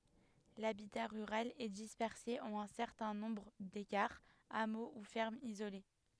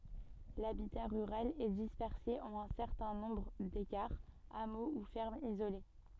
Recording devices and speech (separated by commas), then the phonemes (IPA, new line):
headset microphone, soft in-ear microphone, read sentence
labita ʁyʁal ɛ dispɛʁse ɑ̃n œ̃ sɛʁtɛ̃ nɔ̃bʁ dekaʁz amo u fɛʁmz izole